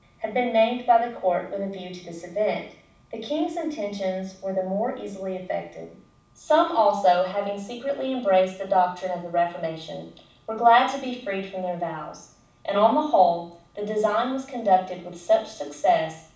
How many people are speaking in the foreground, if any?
One person.